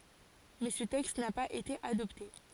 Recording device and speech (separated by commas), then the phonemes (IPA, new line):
forehead accelerometer, read sentence
mɛ sə tɛkst na paz ete adɔpte